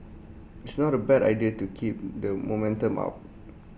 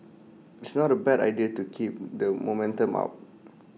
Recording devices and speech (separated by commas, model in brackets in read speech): boundary microphone (BM630), mobile phone (iPhone 6), read sentence